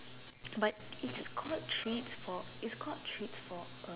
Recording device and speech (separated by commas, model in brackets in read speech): telephone, conversation in separate rooms